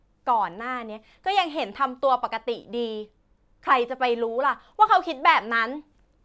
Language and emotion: Thai, frustrated